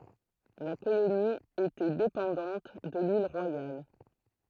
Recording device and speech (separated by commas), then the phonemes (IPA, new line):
throat microphone, read sentence
la koloni etɛ depɑ̃dɑ̃t də lil ʁwajal